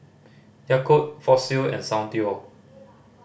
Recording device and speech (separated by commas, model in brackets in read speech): boundary microphone (BM630), read sentence